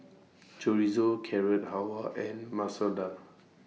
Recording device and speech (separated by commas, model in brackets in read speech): mobile phone (iPhone 6), read sentence